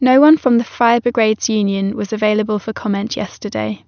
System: none